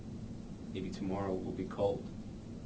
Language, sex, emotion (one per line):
English
male
neutral